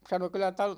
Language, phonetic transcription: Finnish, (mut) sano » 'kyl̆lä tal- « ,.
- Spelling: mutta sanoi kyllä -

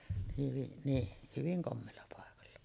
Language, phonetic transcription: Finnish, hyvin , 'nii , hyviŋ 'kommeella pàekalla .
- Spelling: hyvin niin hyvin komealla paikalla

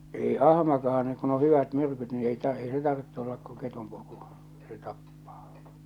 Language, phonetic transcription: Finnish, ei 'ahmaka₍an , kun o 'hyvät 'myrkyt nii ei ta- , 'ei se 'tarᵛⁱtte ollak ku 'ketuŋ koku , sᴇ sᴇ 'tappaa .
- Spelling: ei ahmakaan kun on hyvät myrkyt niin ei - ei se tarvitse olla kuin ketun koku se se tappaa

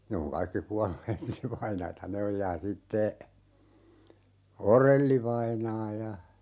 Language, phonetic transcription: Finnish, 'ne oŋ 'kaikki "kualleet (niv) 'vainaita "ne oj ja 'sitte , "Orelli - vainaa ja , .
- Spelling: ne on kaikki kuolleet niin vainaita ne on ja sitten Orell-vainaa ja

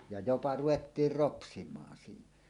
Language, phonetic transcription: Finnish, ja "jopa ruvettiir "ropsim̀aan siinᴀ̈ .
- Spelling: ja jopa ruvettiin ropsimaan siinä

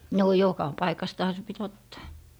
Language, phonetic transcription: Finnish, noo "joka 'paikastaha se pit "ottaa .
- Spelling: no joka paikastahan se piti ottaa

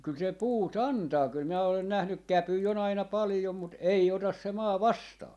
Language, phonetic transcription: Finnish, 'kyl siel 'puu"t ‿antaa kyl 'minä olen 'nähnyk "käpyi o'n ‿aina 'palⁱjom mut 'ei 'otas se 'maa "vastaa .
- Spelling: kyllä siellä puut antaa kyllä minä olen nähnyt käpyjä on aina paljon mutta ei ota se maa vastaan

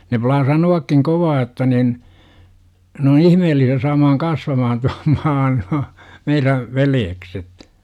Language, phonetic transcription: Finnish, ne plaa "sanu₍akkiŋ 'kovaa otta nin , n ‿oon "ihmeellisi₍ä saamaaŋ "kasvamahan tuam 'maan nua , 'meiräv , "veljekset .
- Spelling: ne plaa sanoakin kovaa jotta niin ne on ihmeellisiä saamaan kasvamaan tuon maan nuo meidän veljekset

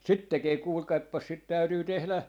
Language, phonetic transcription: Finnish, 'sit tekee 'kuulkaippas 'sit 'täytyy 'tehlä , .
- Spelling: sitä tekee kuulkaapas sitä täytyy tehdä

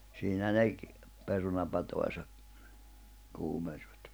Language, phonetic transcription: Finnish, siinä ne kⁱ- , 'perunapatoasa , kuumen̬sᴠᴀt .
- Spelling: siinä ne - perunapatansa kuumensivat

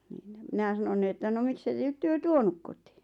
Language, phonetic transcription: Finnish, ɴɪɪɴ ᴊᴀ 'minä sanon ni että » no 'miksei te 'tyttö₍ä "tuonuk kotɪɪ ?
- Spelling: niin ja minä sanon niin että no miksi ei te tyttöä tuonut kotiin

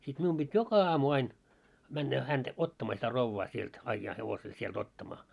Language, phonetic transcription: Finnish, sit 'mium ʙit "joka 'aamu ain , 'männä hänᴅä , "ottamaa sitä 'rovvaa sielt , aⁱjjaa hevosel siel'ᴅ ‿ottamaa .
- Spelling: sitten minun piti joka aamu aina mennä häntä ottamaan sitä rouvaa sieltä ajaa hevosella sieltä ottamaan

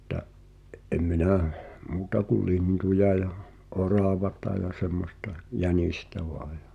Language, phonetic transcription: Finnish, mutta , '’em "minä , "muuta ku 'lintuja ja , "’oràvata ja 'semmosta , 'jänistä voa ᴊᴀ ,.
- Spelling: mutta en minä muuta kuin lintuja ja oravaa ja semmoista jänistä vain ja

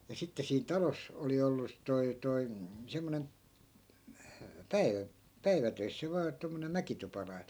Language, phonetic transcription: Finnish, ja 'sitte siin 'talos , 'oli ollu , 'toi 'toi , semmonen , "päivä- , 'päivätöissä vaa 'tommonem̆ "mäkitupalai̮n .
- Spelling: ja sitten siinä talossa oli ollut tuo tuo semmoinen - päivätöissä vain tuommoinen mäkitupalainen

